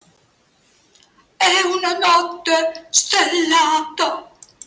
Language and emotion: Italian, fearful